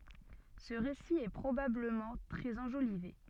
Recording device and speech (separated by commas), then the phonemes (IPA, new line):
soft in-ear microphone, read sentence
sə ʁesi ɛ pʁobabləmɑ̃ tʁɛz ɑ̃ʒolive